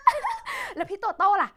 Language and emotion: Thai, happy